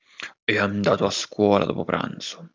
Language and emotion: Italian, angry